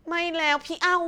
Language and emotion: Thai, frustrated